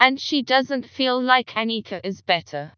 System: TTS, vocoder